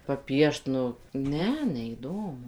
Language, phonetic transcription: Lithuanian, paˈpiešt nu ˈne neįˈdomu

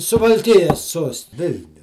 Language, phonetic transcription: Lithuanian, suvalˈkijas ˈsuost ˈvilniu

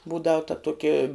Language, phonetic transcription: Lithuanian, ˈbūdau ta ˈtuoki

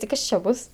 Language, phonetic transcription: Lithuanian, ti ˈkas čia ˈbus

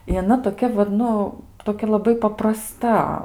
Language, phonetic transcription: Lithuanian, i aˈna toˈkia vat ˈnu toˈkia laˈbai papraˈsta

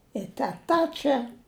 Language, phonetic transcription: Lithuanian, i teˈta ˈčia

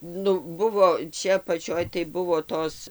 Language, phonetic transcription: Lithuanian, ˈnu ˈbuvo ˈčia apaˈčioj tai ˈbuvo ˈtos

